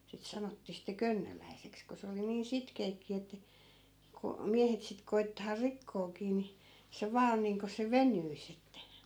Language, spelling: Finnish, sitten sanottiin sitten könnöläiseksi kun se oli niin sitkeäkin että kun miehet sitten koettaa rikkoakin niin se vain on niin kuin se venyisi että
- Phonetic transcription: sit 'sanottii sitte "könnöläiseks ko 'se oli niin 'sitkeekki että , ko , "miähet sit koi̮ttaa 'rikkookii ni , se 'vaa on niiŋko se 'venyis ‿että .

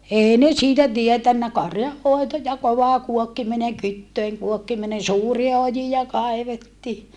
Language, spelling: Finnish, ei ne siitä tiennyt karjanhoito ja kova kuokkiminen kytöjen kuokkiminen suuria ojia kaivettiin
- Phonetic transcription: èi ne siitä tietännä karjahhòeto ja kovà kuokkimineŋ kyttöiŋ kuokkiminen suuria ojija kaevettii .

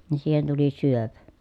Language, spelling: Finnish, niin siihen tuli syöpä
- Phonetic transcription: ni siihen tuli syöpä .

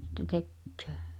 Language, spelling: Finnish, sitten tekee
- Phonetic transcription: sitte "tekkᴏ̈ᴏ̈ .

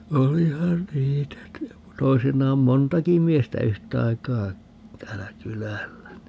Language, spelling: Finnish, olihan niitä toisinaan montakin miestä yhtaikaa täällä kylällä niin
- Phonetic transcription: "olihan 'niitä , 'toisinnaam "montaki 'miestä "yhtaikaa , 'täälä "kylällä (ni) .

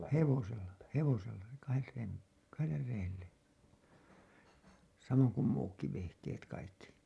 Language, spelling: Finnish, hevosella hevosella kahdet reet kahdelle reelle samoin kuin muutkin vehkeet kaikki
- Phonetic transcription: hevosella , "hevosella , "kahet 'reet , "kaheller 'reelle , samoŋ kum muukki vehkeet kaikki .

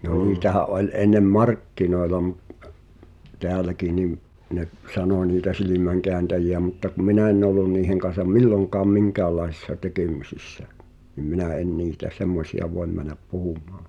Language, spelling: Finnish, no niitähän oli ennen markkinoilla - täälläkin niin ne sanoi niitä silmänkääntäjiä mutta kun minä en ollut niiden kanssa milloinkaan minkäänlaisissa tekemisissä niin minä en niitä semmoisia voi mennä puhumaan
- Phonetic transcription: (no) 'niitähä’ ’ol ennem "markkinoela mᴜ- , 'teäläki nim , 'ne’ , "sanò niitä 'silimäŋkeäntäji₍ä mutta ku 'minä enⁿ ‿ollun niiheŋ kan̬sam "milloŋk̀aam 'miŋkäällaesⁱssa 'tekèm̳̀isissä , nim 'minä en 'niitä 'semmosi₍a "voem män̆näp 'puhum̀aa .

